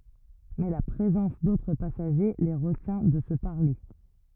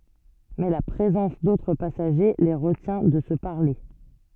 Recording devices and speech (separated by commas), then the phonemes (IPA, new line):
rigid in-ear microphone, soft in-ear microphone, read sentence
mɛ la pʁezɑ̃s dotʁ pasaʒe le ʁətjɛ̃ də sə paʁle